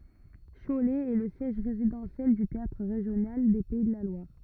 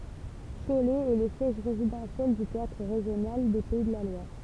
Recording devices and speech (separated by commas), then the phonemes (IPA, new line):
rigid in-ear microphone, temple vibration pickup, read sentence
ʃolɛ ɛ lə sjɛʒ ʁezidɑ̃sjɛl dy teatʁ ʁeʒjonal de pɛi də la lwaʁ